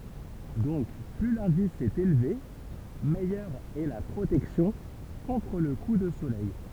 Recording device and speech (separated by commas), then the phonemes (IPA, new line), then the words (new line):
temple vibration pickup, read sentence
dɔ̃k ply lɛ̃dis ɛt elve mɛjœʁ ɛ la pʁotɛksjɔ̃ kɔ̃tʁ lə ku də solɛj
Donc plus l'indice est élevé, meilleure est la protection, contre le coup de soleil.